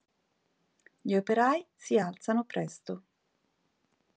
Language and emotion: Italian, neutral